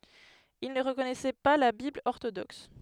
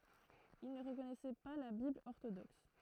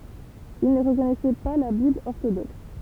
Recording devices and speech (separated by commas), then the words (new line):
headset microphone, throat microphone, temple vibration pickup, read sentence
Ils ne reconnaissaient pas la Bible orthodoxe.